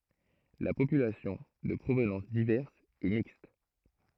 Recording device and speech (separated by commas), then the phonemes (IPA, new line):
throat microphone, read sentence
la popylasjɔ̃ də pʁovnɑ̃s divɛʁs ɛ mikst